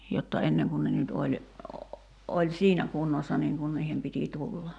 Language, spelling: Finnish, jotta ennen kuin ne nyt oli oli siinä kunnossa niin kuin niiden piti tulla
- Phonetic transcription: jotta 'enneŋ kun ne nyt oĺ , 'oĺ "siinä 'kunnossa 'niiŋ kun 'niihem piti 'tulla .

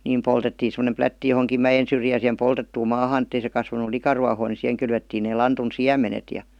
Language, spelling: Finnish, niin poltettiin semmoinen plätti johonkin mäen syrjään siihen poltettuun maahan että ei se kasvanut likaruohoa niin siihen kylvettiin ne lantun siemenet ja
- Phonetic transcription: niim 'poltettiin̬ sem°nem 'plätti johoŋkim "mä-jen syrjään̬ sihem 'poltettuum 'maahaan ‿ettei se kasva-nu 'likaruahoo ni 'siheŋ kylvettiin nee 'lantun "siä-menet ja .

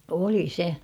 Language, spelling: Finnish, oli se
- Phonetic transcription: 'oli 'se .

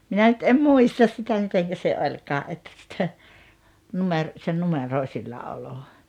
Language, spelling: Finnish, minä nyt en muista sitä miten se olikaan että - - se numeroisilla olo
- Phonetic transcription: 'minä nyt 'em "muistas sitä 'miteŋkä se 'oĺkaa ’että (totᴀ) , 'numer- , se "numeròi̬silla₍olo .

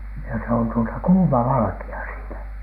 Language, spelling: Finnish, ja se on tuota kuuma valkea siinä
- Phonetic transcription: ja se on tuota "kuuma 'valᵃki₍a siinä .

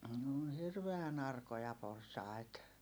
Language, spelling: Finnish, ne on hirveän arkoja porsaita
- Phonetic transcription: n ‿oon hirveän ‿arkoja porsai̮t .

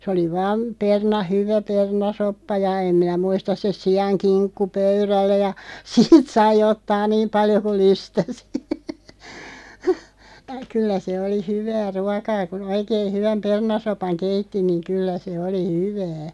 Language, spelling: Finnish, se oli vain - hyvä perunasoppa ja en minä muista se siankinkku pöydällä ja siitä sai ottaa niin paljon kuin lystäsi kyllä se oli hyvää ruokaa kun oikein hyvän perunasopan keitti niin kyllä se oli hyvää
- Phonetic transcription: sᵉ oli 'vaam , 'perna- 'hyvä "pernasoppa ja 'em 'minä "muistas se "si₍aŋ"kiŋkku 'pöyrällä ja , 'siit sai 'ottaa "niim 'paljo kuˡ 'lystäsɪ , 'kyllä se oli 'hyvää "ruakaa kun "oikein̬ 'hyväm "pernasopaŋ 'keitti niᵑ 'kyllä se 'oli "hyvää .

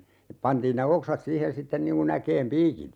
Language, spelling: Finnish, pantiin ne oksat siihen sitten niin kuin äkeen piikit
- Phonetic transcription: 'pantiin ne "oksat 'siihen 'sitten niŋ ku'n ‿äkeem "piikit .

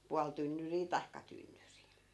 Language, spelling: Finnish, puoli tynnyriä tai tynnyri
- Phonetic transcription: 'pual tynnyrii 'tai̮kka 'tynnyri .

